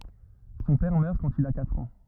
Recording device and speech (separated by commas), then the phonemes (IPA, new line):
rigid in-ear microphone, read sentence
sɔ̃ pɛʁ mœʁ kɑ̃t il a katʁ ɑ̃